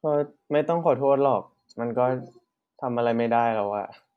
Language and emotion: Thai, frustrated